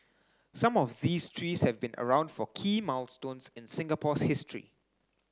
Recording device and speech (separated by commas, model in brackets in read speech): standing microphone (AKG C214), read sentence